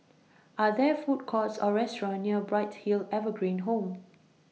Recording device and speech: mobile phone (iPhone 6), read sentence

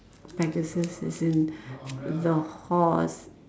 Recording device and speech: standing microphone, conversation in separate rooms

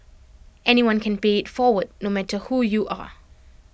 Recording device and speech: boundary microphone (BM630), read sentence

